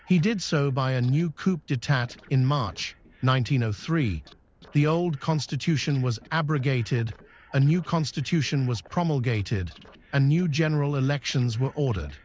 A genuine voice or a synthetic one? synthetic